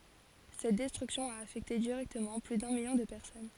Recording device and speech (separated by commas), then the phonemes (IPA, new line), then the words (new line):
forehead accelerometer, read sentence
sɛt dɛstʁyksjɔ̃ a afɛkte diʁɛktəmɑ̃ ply dœ̃ miljɔ̃ də pɛʁsɔn
Cette destruction a affecté directement plus d'un million de personnes.